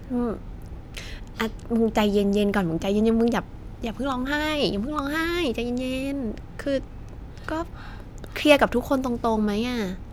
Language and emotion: Thai, neutral